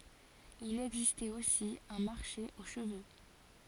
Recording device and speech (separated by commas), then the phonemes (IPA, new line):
forehead accelerometer, read sentence
il ɛɡzistɛt osi œ̃ maʁʃe o ʃəvø